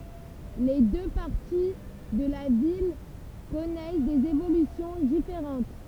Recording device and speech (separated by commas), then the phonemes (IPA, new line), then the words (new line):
temple vibration pickup, read sentence
le dø paʁti də la vil kɔnɛs dez evolysjɔ̃ difeʁɑ̃t
Les deux parties de la ville connaissent des évolutions différentes.